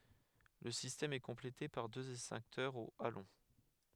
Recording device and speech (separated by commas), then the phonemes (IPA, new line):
headset microphone, read sentence
lə sistɛm ɛ kɔ̃plete paʁ døz ɛkstɛ̃ktœʁz o alɔ̃